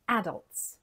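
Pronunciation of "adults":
'Adults' is said the way it is said in England, with the stress on the first part, 'A-dults'.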